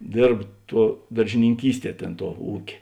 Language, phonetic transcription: Lithuanian, ˈdėrb ˈtuo daržininˈkysˌtie ˈtėn tuo ˈūkė

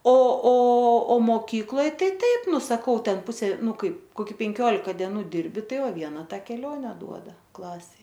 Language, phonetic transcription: Lithuanian, o o o moˈkykloj ˈtai ˈtaip ˈnu saˈkau ˈten ˈpusė ˈnu ˈkaip koˈki penˈkiolika dieˈnų ˈdirbi ˈtai ˈva ˈviena ˈta keˈlione ˈduoda ˈklasei

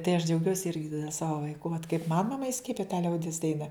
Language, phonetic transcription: Lithuanian, tai aš džiauˈgiuosi ˈirgi ˈsavo vaiˈku vat kaip man maˈma iˈskiepija ta ˈliaudis ˈdaina

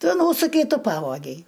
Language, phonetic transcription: Lithuanian, ˈtu ˈnūsukei ˈtu ˈpavogei

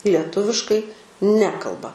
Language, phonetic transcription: Lithuanian, lieˈtuviškai ˈnekalba

